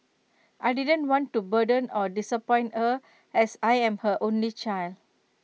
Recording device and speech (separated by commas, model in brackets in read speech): mobile phone (iPhone 6), read sentence